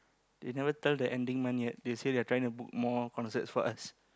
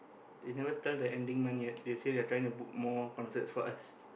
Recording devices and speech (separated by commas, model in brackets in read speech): close-talking microphone, boundary microphone, conversation in the same room